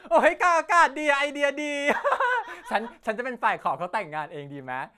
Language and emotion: Thai, happy